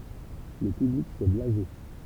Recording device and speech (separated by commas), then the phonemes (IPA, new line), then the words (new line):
temple vibration pickup, read sentence
lə pyblik sɛ blaze
Le public s'est blasé.